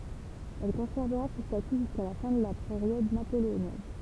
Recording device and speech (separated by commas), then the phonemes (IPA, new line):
temple vibration pickup, read sentence
ɛl kɔ̃sɛʁvəʁa sə staty ʒyska la fɛ̃ də la peʁjɔd napoleonjɛn